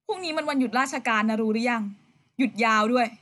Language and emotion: Thai, frustrated